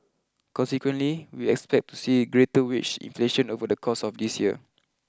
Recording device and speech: close-talking microphone (WH20), read sentence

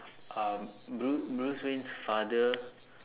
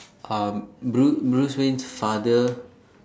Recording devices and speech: telephone, standing microphone, conversation in separate rooms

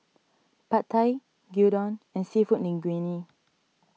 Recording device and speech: mobile phone (iPhone 6), read sentence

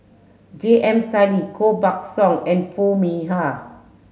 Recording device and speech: mobile phone (Samsung S8), read sentence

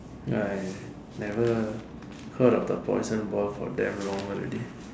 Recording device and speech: standing microphone, conversation in separate rooms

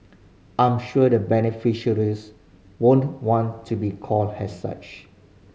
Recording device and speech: mobile phone (Samsung C5010), read sentence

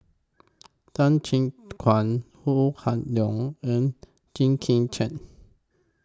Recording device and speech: close-talking microphone (WH20), read sentence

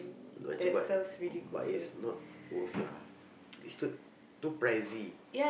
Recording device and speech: boundary microphone, conversation in the same room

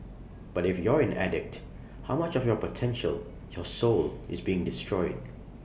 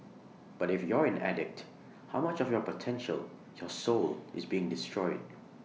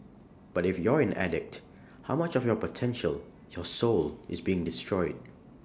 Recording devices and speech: boundary microphone (BM630), mobile phone (iPhone 6), standing microphone (AKG C214), read sentence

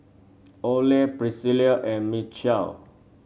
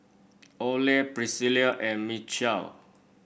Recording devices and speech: mobile phone (Samsung C7), boundary microphone (BM630), read sentence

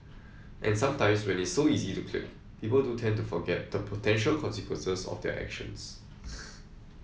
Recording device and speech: mobile phone (iPhone 7), read sentence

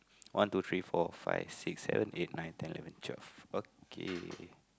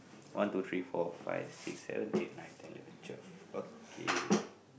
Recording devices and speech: close-talking microphone, boundary microphone, conversation in the same room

